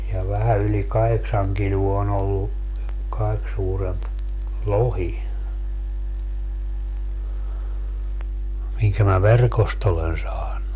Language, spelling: Finnish, ja vähän yli kahdeksan kiloa on ollut kaikkein suurempi lohi minkä minä verkosta olen saanut
- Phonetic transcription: ja 'vähä yli "kaheksaŋ 'kiluo on ‿ollu , 'kaik suuremp , "lohi , 'miŋkä mä "verkost ‿olen 'saannu .

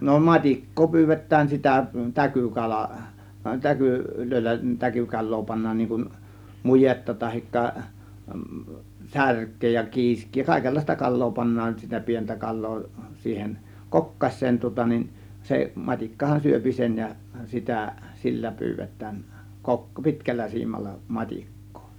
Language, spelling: Finnish, no matikkaa pyydetään sitä täkykala - täkyillä täkykalaa pannaan niin kuin mujetta tai särkeä ja kiiskeä ja kaikenlaista kalaa pannaan sitä pientä kalaa siihen kokkaseen tuota niin se matikkahan syö sen ja sitä sillä pyydetään - pitkällä siimalla matikkaa
- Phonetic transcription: no "mat͕ik̀koo 'py̬§yv̆vet̆tään sitä , "täkykala , "täyku- , -'lö̀ėllä , 'täkykal̆loo pannaan niiŋ kun , "mujetta 'tahikka , "särk̆kee ja "kiisk̆kii ja kàėkellàista 'kal̆loo pannaan sitä 'pientä 'kal̆loo , 'siihen , "kokkaś̆seen tŭŏta nin 'se , 'mat͕ikkahan "syöpi 'sen ja , 'sitä , 'sillä 'pyyvet̆tään , 'kok- , 'pi̬tkällä 'siimalla , 'mat͕ik̀kOO .

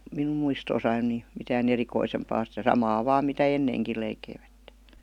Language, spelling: Finnish, minun muistoissani niin mitään erikoisempaa sitä samaa vain mitä ennenkin leikkivät
- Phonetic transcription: 'minum muistoosain ni , 'mitään "erikoisempaa sitä "samaa "vaam mitä "enneeŋkil leikeivättE .

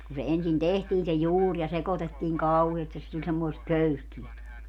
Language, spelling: Finnish, kun se ensin tehtiin se juuri ja sekoitettiin kauheasti että se tuli semmoista köyhkeää
- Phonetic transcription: ku se 'ensin "tehtiin se 'juur ja 'sekotettiiŋ "kauheest et se tuĺ semmoest 'köyhkiät .

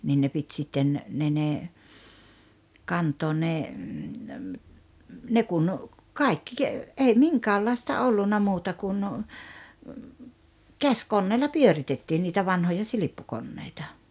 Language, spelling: Finnish, niin ne piti sitten ne ne kantaa ne ne kun kaikki ei minkäänlaista ollut muuta kuin käsikoneella pyöritettiin niitä vanhoja silppukoneita
- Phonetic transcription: 'nin ne pit 'sitten , 'ne ne , "kant̀oon̆ ne , 'ne kun , 'kàikki , 'ei "miŋkäällaista 'ollunna 'muuta kun , "käskonneella "pyöritettiin niitä 'vanhoja 'silippukonneita .

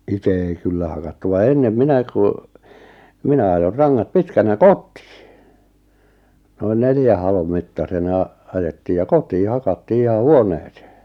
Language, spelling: Finnish, itse ei kyllä hakattu vaan ennen minä kun minä ajoin rangat pitkänä kotiin noin neljän halon mittaisena ajettiin ja kotiin hakattiin ihan huoneeseen
- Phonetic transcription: ite ei 'kyllä hakattu va 'ennem "minä ku , 'minä ajor 'raŋŋat "pitkänä "kot̆tɪɪ , noin 'neljä halom mittasena , 'ajettiij ja "kotii 'ha-kattii iha "huonᴇᴇsᴇᴇ .

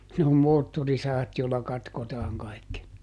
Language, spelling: Finnish, ne on moottorisahat joilla katkotaan kaikki
- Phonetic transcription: ne om ˈmoottorisahat jòilla ˈkatkotaaŋ ˈkai̮kki .

